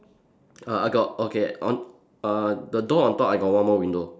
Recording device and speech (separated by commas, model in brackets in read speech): standing microphone, conversation in separate rooms